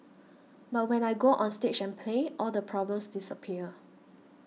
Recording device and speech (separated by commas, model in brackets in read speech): mobile phone (iPhone 6), read sentence